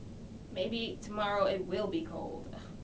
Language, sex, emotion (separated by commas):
English, female, neutral